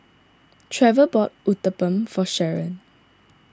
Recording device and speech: standing microphone (AKG C214), read sentence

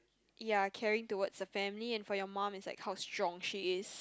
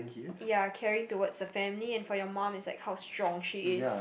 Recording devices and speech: close-talking microphone, boundary microphone, conversation in the same room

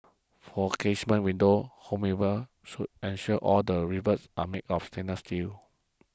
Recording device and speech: close-talking microphone (WH20), read sentence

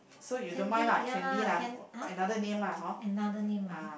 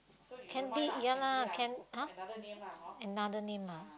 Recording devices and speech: boundary microphone, close-talking microphone, conversation in the same room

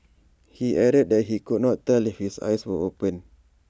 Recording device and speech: standing microphone (AKG C214), read sentence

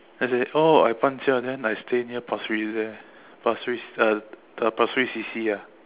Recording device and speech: telephone, conversation in separate rooms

